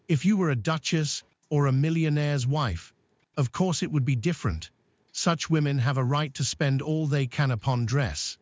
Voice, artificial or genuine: artificial